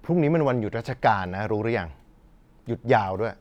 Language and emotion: Thai, frustrated